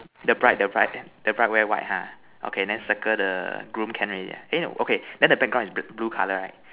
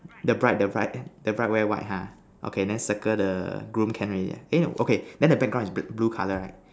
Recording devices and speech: telephone, standing microphone, conversation in separate rooms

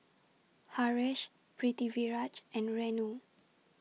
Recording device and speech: mobile phone (iPhone 6), read sentence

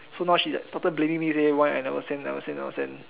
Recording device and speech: telephone, conversation in separate rooms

